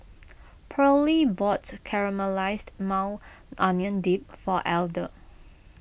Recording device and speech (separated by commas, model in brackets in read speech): boundary microphone (BM630), read sentence